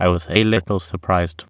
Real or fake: fake